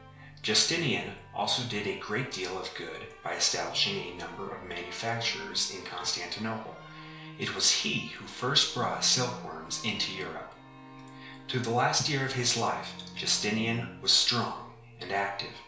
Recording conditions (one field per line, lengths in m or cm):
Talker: one person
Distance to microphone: 1.0 m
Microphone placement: close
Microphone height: 1.1 m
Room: small (3.7 m by 2.7 m)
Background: music